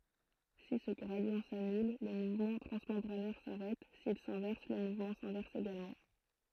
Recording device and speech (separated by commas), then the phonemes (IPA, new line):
throat microphone, read sentence
si sə ɡʁadi sanyl lə muvmɑ̃ tʁɑ̃smɑ̃bʁanɛʁ saʁɛt sil sɛ̃vɛʁs lə muvmɑ̃ sɛ̃vɛʁs eɡalmɑ̃